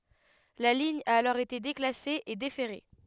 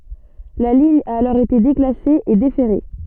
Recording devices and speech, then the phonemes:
headset microphone, soft in-ear microphone, read sentence
la liɲ a alɔʁ ete deklase e defɛʁe

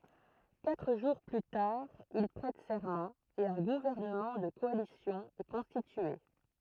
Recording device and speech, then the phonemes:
throat microphone, read sentence
katʁ ʒuʁ ply taʁ il pʁɛt sɛʁmɑ̃ e œ̃ ɡuvɛʁnəmɑ̃ də kɔalisjɔ̃ ɛ kɔ̃stitye

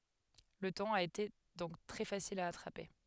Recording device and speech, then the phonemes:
headset microphone, read sentence
lə tɔ̃n a ete dɔ̃k tʁɛ fasil a atʁape

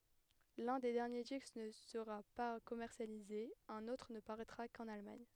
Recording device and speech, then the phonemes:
headset microphone, read sentence
lœ̃ de dɛʁnje disk nə səʁa pa kɔmɛʁsjalize œ̃n otʁ nə paʁɛtʁa kɑ̃n almaɲ

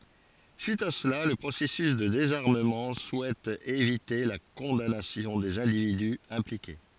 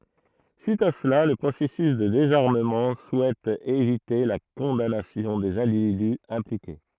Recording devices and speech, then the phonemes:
forehead accelerometer, throat microphone, read sentence
syit a səla lə pʁosɛsys də dezaʁməmɑ̃ suɛt evite la kɔ̃danasjɔ̃ dez ɛ̃dividy ɛ̃plike

